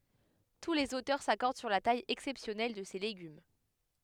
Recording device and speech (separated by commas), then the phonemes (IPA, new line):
headset microphone, read sentence
tu lez otœʁ sakɔʁd syʁ la taj ɛksɛpsjɔnɛl də se leɡym